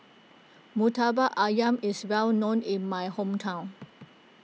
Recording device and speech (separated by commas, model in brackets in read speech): mobile phone (iPhone 6), read sentence